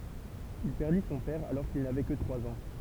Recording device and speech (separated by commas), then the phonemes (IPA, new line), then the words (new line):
temple vibration pickup, read sentence
il pɛʁdi sɔ̃ pɛʁ alɔʁ kil navɛ kə tʁwaz ɑ̃
Il perdit son père alors qu’il n’avait que trois ans.